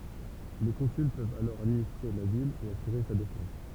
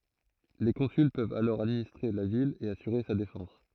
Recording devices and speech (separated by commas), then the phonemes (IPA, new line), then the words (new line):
temple vibration pickup, throat microphone, read sentence
le kɔ̃syl pøvt alɔʁ administʁe la vil e asyʁe sa defɑ̃s
Les consuls peuvent alors administrer la ville et assurer sa défense.